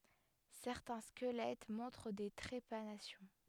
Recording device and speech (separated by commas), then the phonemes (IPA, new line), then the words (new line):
headset microphone, read sentence
sɛʁtɛ̃ skəlɛt mɔ̃tʁ de tʁepanasjɔ̃
Certains squelettes montrent des trépanations.